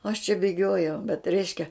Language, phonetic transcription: Lithuanian, aš čia bėˈgiojau bet ˈreiškia

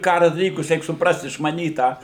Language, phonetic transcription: Lithuanian, ˈkaru daˈlykus ˈreik supˈrast išmaˈnyt ˈtą

